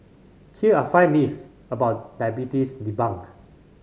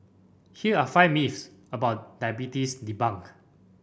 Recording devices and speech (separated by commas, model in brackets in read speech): mobile phone (Samsung C5010), boundary microphone (BM630), read sentence